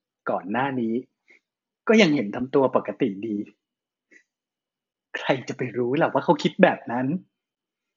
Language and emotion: Thai, sad